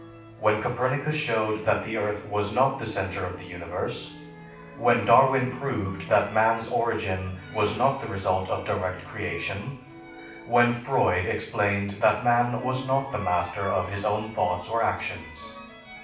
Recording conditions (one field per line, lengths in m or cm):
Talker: one person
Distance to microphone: 5.8 m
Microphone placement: far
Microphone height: 1.8 m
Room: medium-sized (5.7 m by 4.0 m)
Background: music